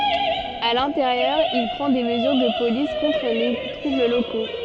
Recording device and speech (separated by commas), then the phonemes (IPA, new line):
soft in-ear microphone, read sentence
a lɛ̃teʁjœʁ il pʁɑ̃ de məzyʁ də polis kɔ̃tʁ le tʁubl loko